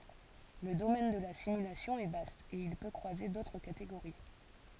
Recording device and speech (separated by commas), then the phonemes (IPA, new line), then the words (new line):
forehead accelerometer, read sentence
lə domɛn də la simylasjɔ̃ ɛ vast e il pø kʁwaze dotʁ kateɡoʁi
Le domaine de la simulation est vaste, et il peut croiser d'autres catégories.